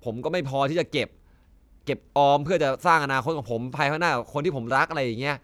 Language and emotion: Thai, frustrated